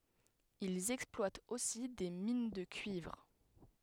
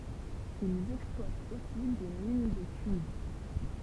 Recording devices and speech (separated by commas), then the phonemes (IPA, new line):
headset microphone, temple vibration pickup, read sentence
ilz ɛksplwatt osi de min də kyivʁ